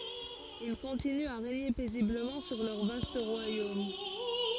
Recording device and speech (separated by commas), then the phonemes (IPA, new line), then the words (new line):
forehead accelerometer, read sentence
il kɔ̃tinyt a ʁeɲe pɛzibləmɑ̃ syʁ lœʁ vast ʁwajom
Ils continuent à régner paisiblement sur leur vaste royaume.